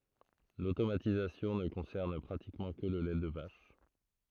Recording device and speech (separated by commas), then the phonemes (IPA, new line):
throat microphone, read sentence
lotomatizasjɔ̃ nə kɔ̃sɛʁn pʁatikmɑ̃ kə lə lɛ də vaʃ